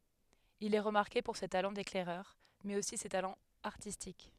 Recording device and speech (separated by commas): headset microphone, read sentence